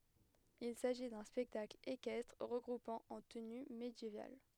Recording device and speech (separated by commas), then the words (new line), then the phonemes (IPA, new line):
headset microphone, read sentence
Il s'agit d'un spectacle équestre regroupant en tenue médiévale.
il saʒi dœ̃ spɛktakl ekɛstʁ ʁəɡʁupɑ̃ ɑ̃ təny medjeval